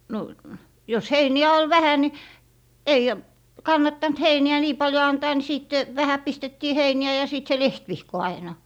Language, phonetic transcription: Finnish, no , jos 'heini₍ä ol "vähä ni , 'ei , 'kannattant "heini₍ä nii "paljo 'antaa ni 'sìt , "vähä 'pistettii 'heini₍ä ja sìt se "lehtvihko 'aina .
- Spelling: no jos heiniä oli vähän niin ei kannattanut heiniä niin paljon antaa niin sitten vähän pistettiin heiniä ja sitten se lehtivihko aina

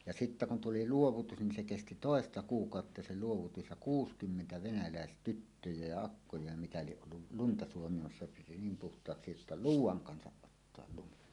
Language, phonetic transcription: Finnish, ja 'sittä kun 'tuli "luovutus nin se kesti "tòesta 'kuukàotta se 'luovutus ja "kuus'kymmentä 'venäläes"tyttöjä ja 'akkoja ja mitä lieˀ ˀollu , 'lunta suomimassa piti "niim 'puht̀aaksi jotta "luuw̆waŋ 'kansaˀ "ˀottoal 'lumi .
- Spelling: ja sitten kun tuli luovutus niin se kesti toista kuukautta se luovutus ja kuusikymmentä venäläistyttöä ja akkoja ja mitä lie ollut lunta suomimassa piti niin puhtaaksi jotta luudan kanssa ottaa lumi

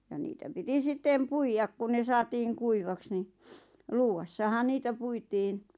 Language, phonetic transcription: Finnish, ja niitä 'piti 'sⁱt̆tèm "puijak ku ne 'saatiiŋ 'kuivaks ni , "luuwassahan 'niitä puitin .
- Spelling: ja niitä piti sitten puida kun ne saatiin kuivaksi niin luuvassahan niitä puitiin

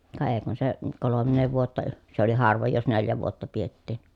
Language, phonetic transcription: Finnish, ka ee kun se , kolommee vuotta , se ‿oli harvoj jos neljä vuotta piettìn .
- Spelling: ka ei kun se kolmea vuotta se oli harvoin jos neljä vuotta pidettiin

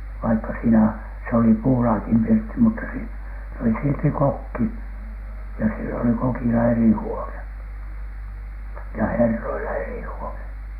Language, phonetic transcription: Finnish, vaikka siinä , s ‿oli 'puulaakim 'pirtti mutta si- , oli silti "kokki , ja sill ‿oli "kokila 'eri 'huone , ja "herroila eri huone .
- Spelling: vaikka siinä se oli puulaakin pirtti mutta - oli silti kokki ja sillä oli kokilla eri huone ja herroilla eri huone

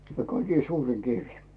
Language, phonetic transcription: Finnish, 'kaikii "suuriŋ 'kivi .
- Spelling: kaikkein suurin kivi

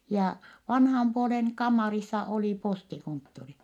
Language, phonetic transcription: Finnish, jaa , vanham puoleŋ kammarissa oli postikonttori .
- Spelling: ja vanhan puolen kammarissa oli postikonttori

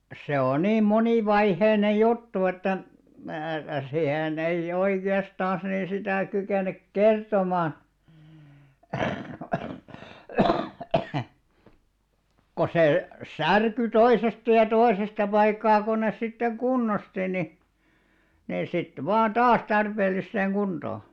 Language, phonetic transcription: Finnish, se o 'nii 'moni'vaiheine 'juttu että , (määkä) sihen_ei'ʲ ‿oike₍astàns nii 'sitä̀ 'kykènek "kertomaa , ko 'se , "särky 'toisesta ja 'toḙsesta paikkaa kun nes sittek̆§ "kunnosti ni , ni sit 'vaa "taas 'tarpeel̆lisseeŋ 'ɢuntoo .
- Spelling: se on niin monivaiheinen juttu että minäkään siihen en oikeastaan niin sitä kykene kertomaan kun se särkyi toisesta ja toisesta paikkaa kun ne sitten kunnosti niin niin sitten vain taas tarpeelliseen kuntoon

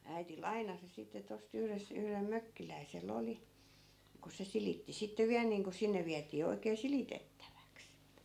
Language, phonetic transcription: Finnish, 'äiti "lainasi sitte tos't ‿yhres- , yhrem 'mökkiläisel'l ‿oli , ku 'se 'silitti sitte 'viäl niiŋko 'sinne viätii 'oikee "silitettäväks .
- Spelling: äiti lainasi sitten tuosta - yhdellä mökkiläisellä oli kun se silitti sitten vielä niin kuin sinne vietiin oikein silitettäväksi

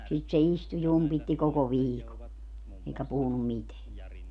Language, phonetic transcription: Finnish, sit se 'istu 'jumpitti 'koko "viiko , eikä 'puhunum "miteä .
- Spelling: sitä se istui jumpitti koko viikon eikä puhunut mitään

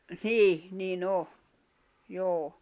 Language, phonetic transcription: Finnish, 'nìh , ni'n ‿o , 'joo .
- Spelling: niin niin on joo

